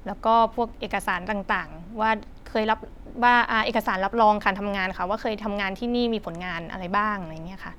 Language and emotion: Thai, neutral